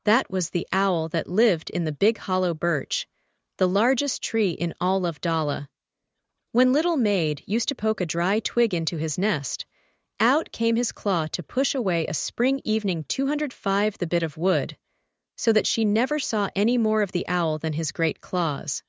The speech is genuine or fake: fake